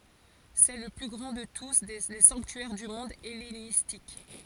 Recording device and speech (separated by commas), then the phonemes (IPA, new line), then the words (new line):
forehead accelerometer, read sentence
sɛ lə ply ɡʁɑ̃ də tu le sɑ̃ktyɛʁ dy mɔ̃d ɛlenistik
C'est le plus grand de tous les sanctuaires du monde hellénistique.